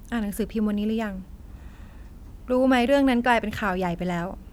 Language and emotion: Thai, frustrated